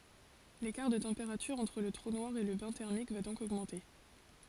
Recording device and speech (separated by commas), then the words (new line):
forehead accelerometer, read sentence
L'écart de température entre le trou noir et le bain thermique va donc augmenter.